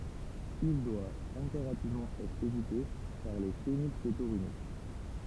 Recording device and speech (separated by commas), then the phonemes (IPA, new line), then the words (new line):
temple vibration pickup, read sentence
il dwa ɛ̃peʁativmɑ̃ ɛtʁ evite paʁ le fenilsetonyʁik
Il doit impérativement être évité par les phénylcétonuriques.